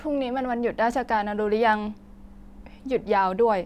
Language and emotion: Thai, neutral